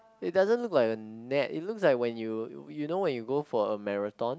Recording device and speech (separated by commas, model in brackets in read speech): close-talking microphone, conversation in the same room